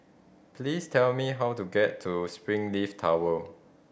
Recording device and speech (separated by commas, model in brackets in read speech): boundary microphone (BM630), read sentence